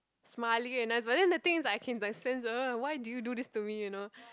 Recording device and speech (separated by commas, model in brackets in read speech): close-talking microphone, conversation in the same room